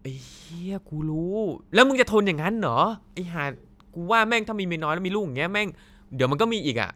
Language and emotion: Thai, angry